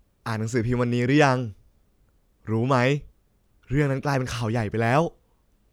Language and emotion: Thai, happy